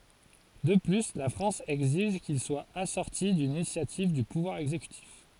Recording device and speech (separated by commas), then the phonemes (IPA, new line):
forehead accelerometer, read sentence
də ply la fʁɑ̃s ɛɡziʒ kil swa asɔʁti dyn inisjativ dy puvwaʁ ɛɡzekytif